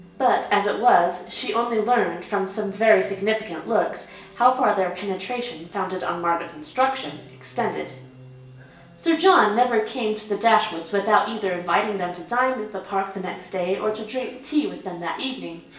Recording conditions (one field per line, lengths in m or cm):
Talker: one person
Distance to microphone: 1.8 m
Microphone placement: close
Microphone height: 1.0 m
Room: large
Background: television